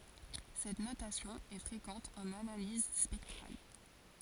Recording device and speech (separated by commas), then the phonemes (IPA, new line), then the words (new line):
forehead accelerometer, read sentence
sɛt notasjɔ̃ ɛ fʁekɑ̃t ɑ̃n analiz spɛktʁal
Cette notation est fréquente en analyse spectrale.